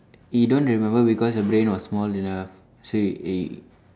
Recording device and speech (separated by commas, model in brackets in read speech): standing microphone, conversation in separate rooms